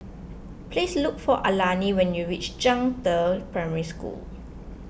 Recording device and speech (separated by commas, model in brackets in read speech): boundary microphone (BM630), read sentence